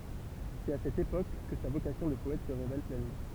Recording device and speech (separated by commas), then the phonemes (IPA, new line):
temple vibration pickup, read sentence
sɛt a sɛt epok kə sa vokasjɔ̃ də pɔɛt sə ʁevɛl plɛnmɑ̃